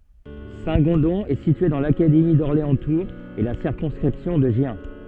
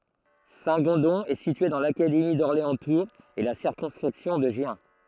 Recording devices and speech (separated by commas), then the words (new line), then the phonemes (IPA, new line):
soft in-ear microphone, throat microphone, read sentence
Saint-Gondon est situé dans l'académie d'Orléans-Tours et la circonscription de Gien.
sɛ̃tɡɔ̃dɔ̃ ɛ sitye dɑ̃ lakademi dɔʁleɑ̃stuʁz e la siʁkɔ̃skʁipsjɔ̃ də ʒjɛ̃